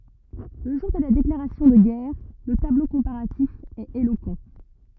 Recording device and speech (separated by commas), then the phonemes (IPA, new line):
rigid in-ear microphone, read sentence
lə ʒuʁ də la deklaʁasjɔ̃ də ɡɛʁ lə tablo kɔ̃paʁatif ɛt elokɑ̃